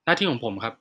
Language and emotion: Thai, frustrated